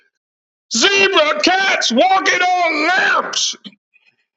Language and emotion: English, disgusted